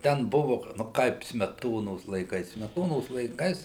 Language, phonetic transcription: Lithuanian, ˈten ˈbuvu nu ˈkaip smeˈtonos laiˈkais smeˈtonos laiˈkais

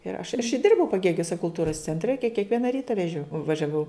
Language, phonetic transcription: Lithuanian, ir aš a iš ˈdirbau paˈgėgiuse kulˈtūras cenˈtre ke kekˈviena ˈryta veˈžio važiaˈvau

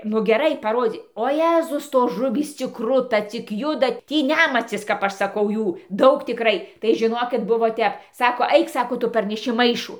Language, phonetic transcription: Lithuanian, nu geˈrai paˈrodzy o ˈjezus ˈtos ˈžuvys cik ˈkruta cik ˈjuda ˈtį ˈnæmacis kap ˈaš saˈkau ˈjų ˈdaug tiˈkrai tai žiˈnokit ˈbuvo ˈtep ˈsako ˈaik ˈsako ˈtu parneˈši ˈmaišu

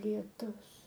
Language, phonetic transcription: Lithuanian, lieˈtus

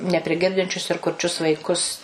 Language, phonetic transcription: Lithuanian, nepriˈgirdinčius ir kurˈčius vaiˈkus

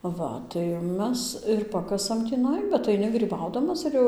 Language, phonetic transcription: Lithuanian, ˈva tai ˈmes ir ˈpakasam tįˈnai bet aiˈni gryˈbaudamas ir ˈjau

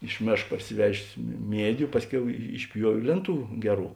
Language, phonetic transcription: Lithuanian, iš ˈmėšk parsiˈvežės mi ˈmiediu ˈpasˌkiau išˈpjuovė ˈlėnˌtų ˈgeˌrų

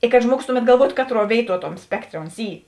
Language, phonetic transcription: Lithuanian, i kad ˈžmuogus ˈtuˌmet galˈvuotu ˈkatˌruo ˈvėiˌtuo ˈtom ˈspekˌtrė ons ˈy

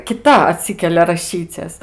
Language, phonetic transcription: Lithuanian, kiˈta aˈtsykelia raˈšyces

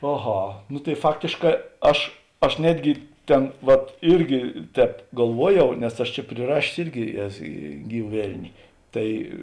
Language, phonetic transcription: Lithuanian, aˈha nu tai ˈfaktėšˌkā ˈaš aš ˈnetgi ˈten vat ˈirgi ˈtēp galˈvuoˌjau nes ˈaš čia priˈrašės ˈirgi ˈes ˈgyva ˈvelni ˈtai

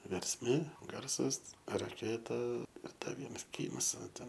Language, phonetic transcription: Lithuanian, versˈmė ˈgarsas raˈkėta ir ˈda ˈvienas ˈkynas ˈva ˈten

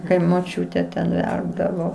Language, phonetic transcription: Lithuanian, kai moˈčiūte ten ˈverpdavo

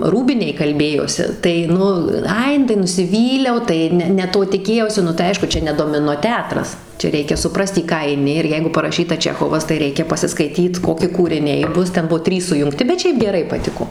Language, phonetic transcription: Lithuanian, ˈrūbinėj kalˈbėjosi tai ˈnu ˈai ˈnu tai nusiˈvyliau ˈtai ne ne ˈto tiˈkėjausi nu tai ˈaišku ˈčia ne domiˈno ˈtetras ˈčia ˈreikia suˈprast į ˈką aiˈni ir ˈjeigu paraˈšyta ˈčechovas tai ˈreikia pasiskaiˈtyt ˈkoki kūriˈniai ˈbus ˈten ˈbuo ˈtrys sujungˈti bet ˈšiaip geˈrai paˈtiko

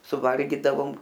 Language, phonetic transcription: Lithuanian, suˈvalgydavom

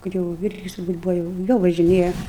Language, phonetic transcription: Lithuanian, ˈkad jau ˈvirgis turˈbūt ˈbuva jau ˈjau važiˈnėja

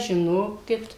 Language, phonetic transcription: Lithuanian, žiˈnokit

